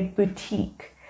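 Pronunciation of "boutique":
'Boutique' is pronounced correctly here.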